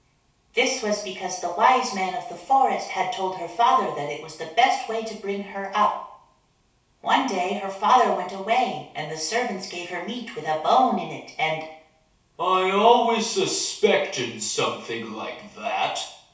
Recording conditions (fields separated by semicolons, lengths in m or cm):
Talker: one person; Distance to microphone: 3.0 m; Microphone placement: far; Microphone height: 1.8 m; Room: small (3.7 m by 2.7 m); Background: none